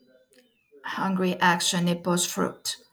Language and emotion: English, neutral